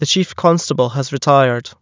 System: none